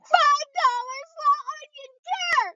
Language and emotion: English, sad